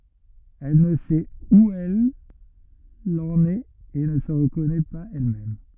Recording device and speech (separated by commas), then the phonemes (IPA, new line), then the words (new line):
rigid in-ear microphone, read sentence
ɛl nə sɛt u ɛl ɑ̃n ɛt e nə sə ʁəkɔnɛ paz ɛlmɛm
Elle ne sait où elle en est et ne se reconnaît pas elle-même.